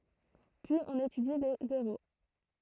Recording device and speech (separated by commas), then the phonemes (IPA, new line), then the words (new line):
throat microphone, read sentence
pyiz ɔ̃n etydi le zeʁo
Puis on étudie les zéros.